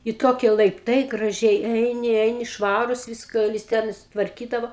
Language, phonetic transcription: Lithuanian, i ˈtokie laipˈtai graˈžiai ˈeini ˈeini ˈšvarūs ˈviska jis ˈten i sutvarˈkydavo

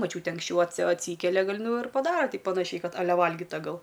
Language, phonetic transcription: Lithuanian, maˈčiūtė anksˈčiau atsi atˈsykelia ˈgal ˈnu ir paˈdara ˈti paˈnašiai ˈkad aˈle ˈvalgyta ˈgal

